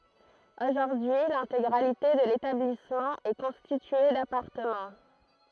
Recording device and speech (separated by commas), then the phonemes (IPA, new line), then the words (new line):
throat microphone, read sentence
oʒuʁdyi lɛ̃teɡʁalite də letablismɑ̃ ɛ kɔ̃stitye dapaʁtəmɑ̃
Aujourd'hui l'intégralité de l'établissement est constitué d'appartements.